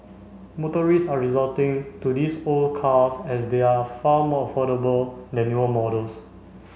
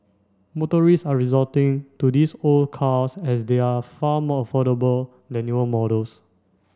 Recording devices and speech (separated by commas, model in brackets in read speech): mobile phone (Samsung C5), standing microphone (AKG C214), read sentence